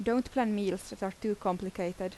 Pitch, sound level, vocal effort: 195 Hz, 80 dB SPL, normal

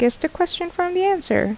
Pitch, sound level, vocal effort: 350 Hz, 77 dB SPL, normal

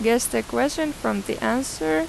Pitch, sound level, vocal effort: 225 Hz, 87 dB SPL, normal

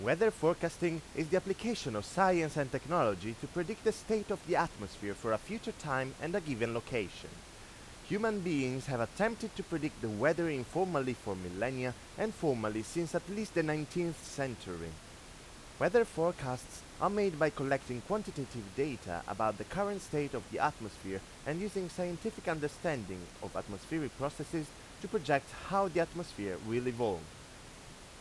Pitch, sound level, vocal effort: 150 Hz, 91 dB SPL, loud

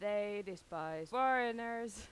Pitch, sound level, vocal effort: 205 Hz, 93 dB SPL, very loud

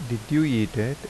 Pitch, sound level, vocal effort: 130 Hz, 81 dB SPL, soft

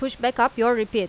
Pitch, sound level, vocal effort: 235 Hz, 92 dB SPL, loud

